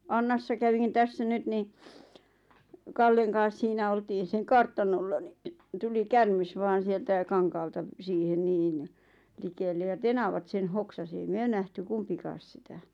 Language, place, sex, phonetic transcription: Finnish, Lappajärvi, female, 'Annassa kävin tässä 'nyt ni , "Kalleŋ kaas 'siinä oltiin̬ 'seŋ "kartanolla ni , 'tuli "kärmes vaan̬ 'sieltä 'kaŋkaalta , 'siihen 'niin , 'likelle ja 'tenavat sen 'hoksasi ei "myö nähty 'kumpikaas sitä .
- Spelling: Annassa kävin tässä nyt niin Kallen kanssa siinä oltiin sen kartanolla niin tuli käärme vain sieltä kankaalta siihen niin likelle ja tenavat sen hoksasi ei me nähty kumpikaan sitä

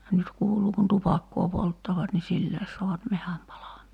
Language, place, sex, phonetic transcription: Finnish, Kerimäki, female, 'nyt kuuluu kun "tupakkoo 'polttavat ni "silläes so̭avat 'mehäm palam̀aa .
- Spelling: nyt kuuluu kun tupakkaa polttavat niin sillä saavat metsän palamaan

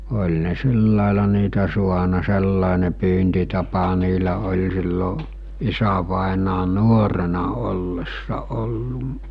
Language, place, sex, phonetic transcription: Finnish, Mikkeli, male, oĺ ne 'sillàela niitä 'suana 'sellàene pyyntitapa niilä oĺ sillo , 'isävàenaa 'nuorena ollessa ollu’ .
- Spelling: oli ne sillä lailla niitä saanut sellainen pyyntitapa niillä oli silloin isävainajan nuorena ollessa ollut

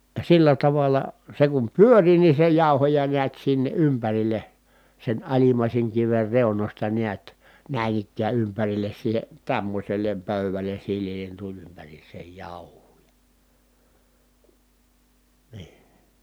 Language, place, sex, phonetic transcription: Finnish, Kitee, male, sillä taval̆la , se kum pyöri ni se jàu̬hoja niät sinne ʼympäril̆le , sen alimàiseŋ kiver reunośta niät , nä̀in ‿ikkää ympäril̆les siihe , tämmośel̀em pö̀yväl̀en̬ silliil̀en tuĺ ympäriis̀eej jàuh̀uu jA , nii .
- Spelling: sillä tavalla se kun pyöri niin se jauhoja näet sinne ympärille sen alimmaisen kiven reunoista näet näin ikään ympärille siihen tämmöiselle pöydälle sileälle tuli ympäriinsä jauhoa ja niin

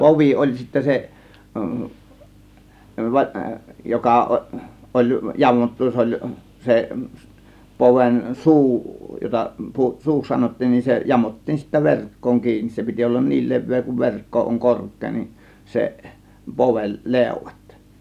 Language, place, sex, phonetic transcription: Finnish, Kiihtelysvaara, male, povi 'oĺ sittä 'se , - - 'joka ˀo- , ˀoĺ 'jamottu , 's ‿oĺ , 'se , 'se poven , "suu jota , "suuks 'sanottiin nin , se "jamottiin sittä "verk̀kooŋ 'kiinis 'se piti ollan "niil 'le̬vvee kuv 've̬rkko oŋ "kork̆kee nin , 'seˀ , 'povel , "lèŭ̬vat .
- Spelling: povi oli sitten se joka - oli jamottu se oli se se poven suu jota suuksi sanottiin niin se jamottiin sitten verkkoon kiinni se piti olla niin leveä kuin verkko on korkea niin se poven leuat

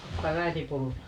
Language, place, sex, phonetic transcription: Finnish, Paavola, female, ottaako äiti 'pullaa ?
- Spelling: ottaako äiti pullaa

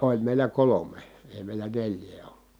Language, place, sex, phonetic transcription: Finnish, Kitee, male, oĺ mèilä kolome , èi̮ mèil̀ä neĺj̀ee ollU .
- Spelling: oli meillä kolme ei meillä neljää ollut

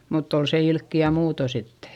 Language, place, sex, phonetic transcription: Finnish, Eurajoki, female, mutt ‿on se ilkki₍ä muuto sittE .
- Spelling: mutta on se ilkeä muuten sitten

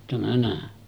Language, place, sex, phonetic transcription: Finnish, Sotkamo, male, tämä nä̀e .
- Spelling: tämä näin

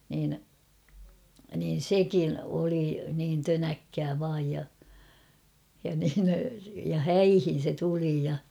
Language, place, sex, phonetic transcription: Finnish, Kauhava, female, niin , niin̬ "sekin oli niin 'tönäkkää vaaj ja , ja niin , ja "häihin̬ se 'tuli ja .
- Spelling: niin niin sekin oli niin tönäkkää vain ja ja niin ja häihin se tuli ja

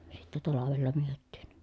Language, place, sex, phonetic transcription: Finnish, Pielisjärvi, female, sittɛ talavella myöttiin .
- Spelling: sitten talvella myytiin

